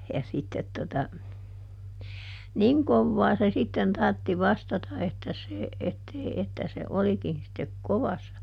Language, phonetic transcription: Finnish, ja sittet tota , "niŋ ˈkovvaa se sitten ˈtartti "vastata että se , ettei , että se ˈolikin̬ sittek "kovassa .
- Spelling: ja sitten tuota niin kovaa se sitten tarvitsi vastata että se että ei että se olikin sitten kovassa

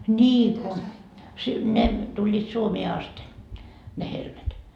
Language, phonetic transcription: Finnish, 'ńii ku , si , "ne , 'tuĺĺiit "Suomee 'aste , ne 'helmet .
- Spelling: niin kun - ne tulivat Suomeen asti ne helmet

